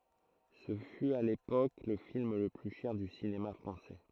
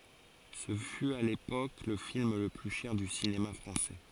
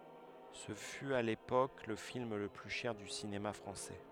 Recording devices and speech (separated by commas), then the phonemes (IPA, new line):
throat microphone, forehead accelerometer, headset microphone, read sentence
sə fy a lepok lə film lə ply ʃɛʁ dy sinema fʁɑ̃sɛ